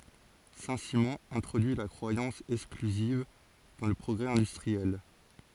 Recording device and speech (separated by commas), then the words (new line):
forehead accelerometer, read sentence
Saint-Simon introduit la croyance exclusive dans le progrès industriel.